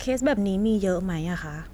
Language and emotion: Thai, neutral